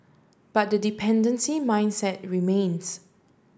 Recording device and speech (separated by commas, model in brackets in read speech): standing microphone (AKG C214), read sentence